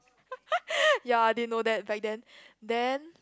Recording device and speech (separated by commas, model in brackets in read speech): close-talking microphone, conversation in the same room